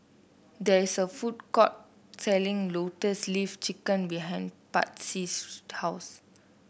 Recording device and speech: boundary microphone (BM630), read sentence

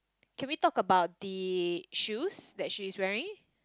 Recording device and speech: close-talking microphone, conversation in the same room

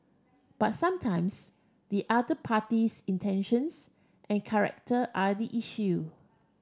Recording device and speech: standing microphone (AKG C214), read sentence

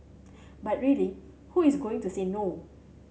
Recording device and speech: mobile phone (Samsung C7100), read sentence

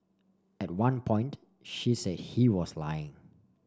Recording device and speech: standing microphone (AKG C214), read sentence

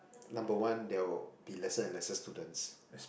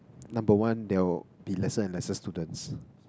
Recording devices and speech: boundary microphone, close-talking microphone, conversation in the same room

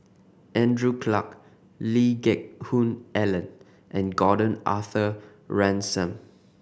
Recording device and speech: boundary microphone (BM630), read sentence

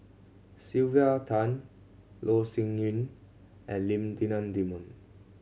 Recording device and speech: mobile phone (Samsung C7100), read sentence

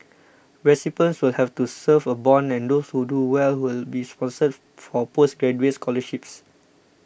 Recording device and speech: boundary microphone (BM630), read sentence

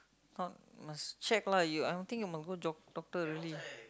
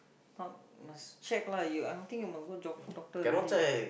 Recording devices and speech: close-talking microphone, boundary microphone, conversation in the same room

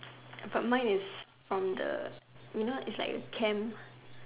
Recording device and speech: telephone, conversation in separate rooms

